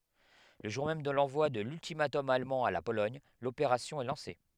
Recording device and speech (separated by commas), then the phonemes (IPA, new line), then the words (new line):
headset microphone, read sentence
lə ʒuʁ mɛm də lɑ̃vwa də lyltimatɔm almɑ̃ a la polɔɲ lopeʁasjɔ̃ ɛ lɑ̃se
Le jour même de l'envoi de l'ultimatum allemand à la Pologne, l'opération est lancée.